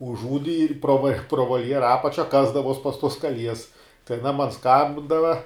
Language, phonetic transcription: Lithuanian, užˈūdi ir pro va pro volˈjera ˈapačia ˈkasdavuos pas tuos kaˈlies tai aˈna man ˈskambindava

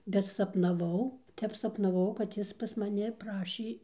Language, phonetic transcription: Lithuanian, bet sapnaˈvau ˈtep sapnaˈvau kad ˈjis pas maˈni ˈprašė

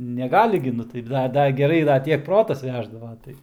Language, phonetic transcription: Lithuanian, neˈgali gi ˈnu tai ˈda ˈdar geˈrai dar ˈtiek ˈprotas ˈveždava ˈtai

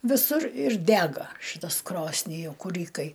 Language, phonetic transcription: Lithuanian, viˈsur ir ˈdega ˈšɨtas ˈkrosni jau kuˈrykai

